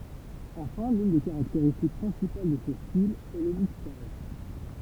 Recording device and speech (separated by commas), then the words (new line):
temple vibration pickup, read sentence
Enfin l'une des caractéristiques principales de ce style est le mixage.